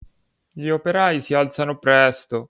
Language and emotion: Italian, sad